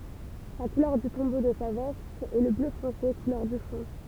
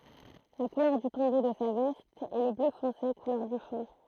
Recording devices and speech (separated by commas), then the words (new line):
temple vibration pickup, throat microphone, read sentence
La couleur du tombeau de sa veste est le bleu foncé, couleur du fond.